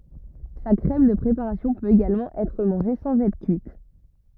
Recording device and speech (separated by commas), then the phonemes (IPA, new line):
rigid in-ear microphone, read sentence
sa kʁɛm də pʁepaʁasjɔ̃ pøt eɡalmɑ̃ ɛtʁ mɑ̃ʒe sɑ̃z ɛtʁ kyit